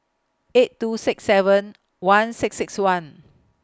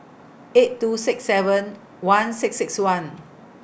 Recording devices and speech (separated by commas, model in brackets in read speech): close-talking microphone (WH20), boundary microphone (BM630), read sentence